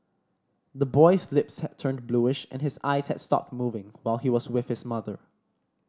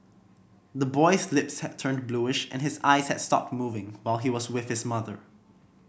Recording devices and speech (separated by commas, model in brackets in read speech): standing microphone (AKG C214), boundary microphone (BM630), read sentence